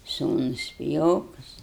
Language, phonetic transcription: Lithuanian, ˈsūnus piˈjokus

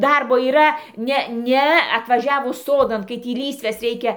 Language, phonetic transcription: Lithuanian, ˈdarbo yˈra ˈne ˈne atvaˈžiavus ˈsodan kai ˈtį ˈlysves ˈreikia

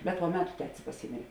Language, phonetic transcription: Lithuanian, bet po ˈmetu ˈtetis paˈsymėrė

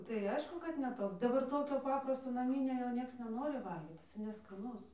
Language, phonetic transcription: Lithuanian, tai ˈaišku kad ne ˈtoks ˈdabar ˈtokio ˈpaprasto naˈminio jau ˈnieks neˈnori ˈvalgyt jiˈsai neskaˈnus

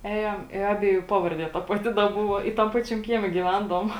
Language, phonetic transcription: Lithuanian, ˈejam i ˈabieˌjų ˈpavarˌdie ˈta paˈti da ˈbuvo i tam ˈpačiam ˈkieme gyˈvendavom

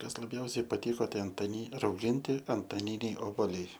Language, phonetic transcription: Lithuanian, ˈkas laˈbjausiai paˈtiko ˈtai antaˈni rauˈginti antaˈniniai oboˈliai

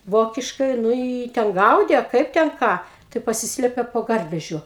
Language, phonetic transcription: Lithuanian, ˈvokiškai ˈnu i ˈjį ten ˈgaudė a ˈkaip ten ˈką tai paˈsislėpe po ˈgarvežiu

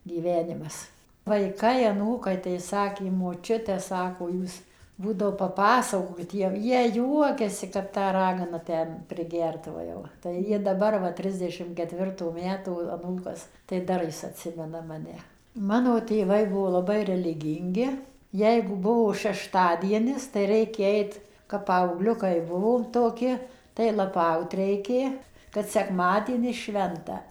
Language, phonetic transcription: Lithuanian, gyˈvenimas vaiˈkai aˈnūkai tai ˈsakė moˈčiute ˈsako ˈjūs ˈbūdavo paˈpasakokit ˈjiem ˈjie ˈjuokiasi kap ˈta ˈragana ˈten priˈgerdavo jau tai ˈjie daˈbar va ˈtridešim keˈtvirtų ˈmetų aˈnūkas tai ˈdar jis atˈsimena maˈne ˈmano tėˈvai ˈbuvo laˈbai reliˈgyngi ˈjeigu ˈbuvo šešˈtadienis tai ˈraikė ˈait kap ˌpaauˈgliukai ˈbuvom toˈki tai laˈpaut reiˈkė kad sekˈmadienis ˈšventa

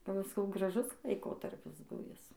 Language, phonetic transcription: Lithuanian, ˈpa va saˈkau graˈžus laiˈkotarpis ˈbuvis

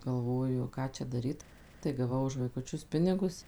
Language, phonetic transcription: Lithuanian, galˈvoju ˈką čia daˈryt tai gaˈvau už vaikuˈčius ˈpinigus

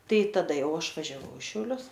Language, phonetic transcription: Lithuanian, ˈtai taˈda ˈjau ˈaš važiaˈvau i šiauˈlius

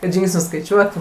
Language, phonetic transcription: Lithuanian, kad ˈžingsnius skaiˈčiuotų

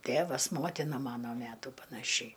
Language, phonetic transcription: Lithuanian, ˈtėvas ˈmotina ˈmano ˈmetų panaˈšiai

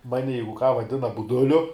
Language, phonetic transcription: Lithuanian, ˈmani ˈjeigu ką vaˈdina buˈduliu

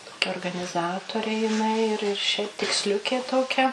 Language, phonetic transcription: Lithuanian, toˈkia organiˈzatorė jiˈnai ir ir šiaip tiksˈliukė toˈkia

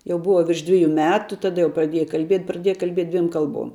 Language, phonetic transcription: Lithuanian, jau ˈbuva virš ˈdviju ˈmetu taˈda jau praˈdieja kalˈbiet' praˈdieja kalˈbiet' ˈdviem ˈkalˌbuom

